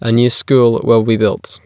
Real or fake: real